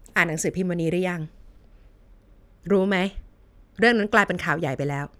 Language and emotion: Thai, frustrated